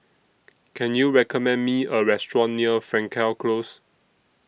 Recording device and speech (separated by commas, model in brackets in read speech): boundary microphone (BM630), read sentence